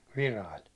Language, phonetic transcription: Finnish, 'Virail .
- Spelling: Virailla

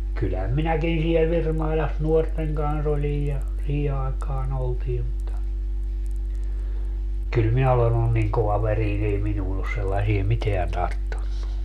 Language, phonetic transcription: Finnish, kylhäm 'minäkin siel 'Virmailas 'nuorteŋ kans 'olij ja , 'sii aekaa'n ‿oltii mutta , 'kyl 'minä olen ‿ollun niŋ 'kovaveriin ‿ei 'minuun ‿os sellasie 'miteän 'tarttunnu .
- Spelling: kyllähän minäkin siellä Virmailassa nuorten kanssa olin ja siihen aikaan oltiin mutta kyllä minä olen ollut niin kovaverinen ei minuun ole sellaisia mitään tarttunut

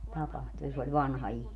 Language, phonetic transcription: Finnish, 'tapahtu ja se oĺ "vanha 'ihmii .
- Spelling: tapahtui ja se oli vanha ihminen

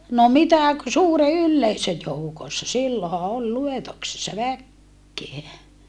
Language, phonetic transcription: Finnish, » no mitä ‿k- , suure ylleisö joukossa silloha ol luetoksessa väkkeä .
- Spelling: no mitä - suuren yleisön joukossa silloinhan oli luetuksessa väkeä

